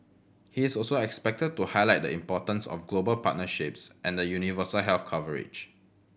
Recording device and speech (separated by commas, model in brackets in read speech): boundary microphone (BM630), read sentence